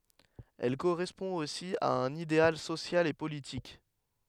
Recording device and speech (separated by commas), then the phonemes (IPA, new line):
headset microphone, read sentence
ɛl koʁɛspɔ̃ osi a œ̃n ideal sosjal e politik